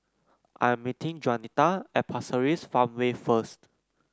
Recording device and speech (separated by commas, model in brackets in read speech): close-talking microphone (WH30), read sentence